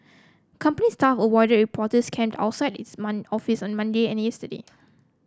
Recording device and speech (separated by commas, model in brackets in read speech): close-talking microphone (WH30), read sentence